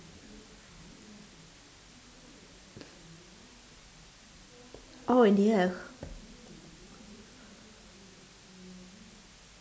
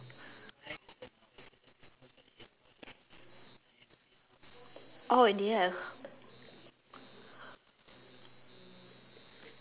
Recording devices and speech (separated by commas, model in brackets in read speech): standing microphone, telephone, conversation in separate rooms